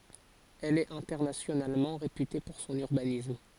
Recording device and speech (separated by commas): forehead accelerometer, read sentence